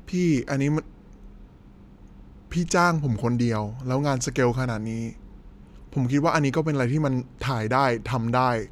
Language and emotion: Thai, frustrated